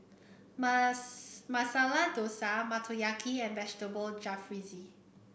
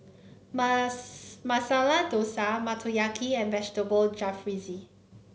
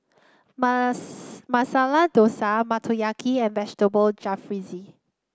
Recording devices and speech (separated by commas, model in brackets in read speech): boundary microphone (BM630), mobile phone (Samsung C9), close-talking microphone (WH30), read sentence